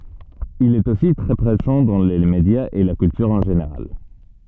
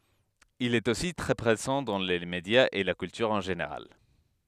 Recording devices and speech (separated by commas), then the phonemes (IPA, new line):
soft in-ear microphone, headset microphone, read sentence
il ɛt osi tʁɛ pʁezɑ̃ dɑ̃ le medjaz e la kyltyʁ ɑ̃ ʒeneʁal